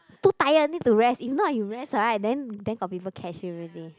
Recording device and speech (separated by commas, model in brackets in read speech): close-talking microphone, conversation in the same room